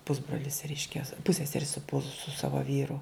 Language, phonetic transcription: Lithuanian, ˈpusbrolis ˈreiškia ˈpusseseri su pus su ˈsava ˈvyru

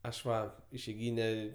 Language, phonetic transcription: Lithuanian, ˈaš ˈva išeiˈgyne

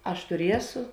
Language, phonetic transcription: Lithuanian, ˈaš tuˈriesu

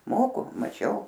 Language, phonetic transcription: Lithuanian, ˈmoku maˈčiau

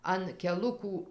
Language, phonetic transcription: Lithuanian, an keˈlukų

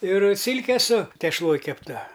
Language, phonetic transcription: Lithuanian, ir ˈsilke su tešˈloj kepˈta

